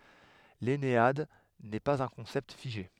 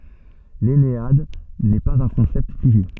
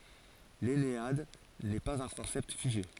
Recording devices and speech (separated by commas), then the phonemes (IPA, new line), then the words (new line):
headset microphone, soft in-ear microphone, forehead accelerometer, read sentence
lɛnead nɛ paz œ̃ kɔ̃sɛpt fiʒe
L'ennéade n'est pas un concept figé.